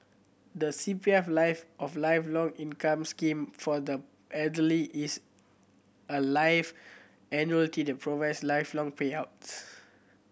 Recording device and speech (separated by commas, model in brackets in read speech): boundary microphone (BM630), read sentence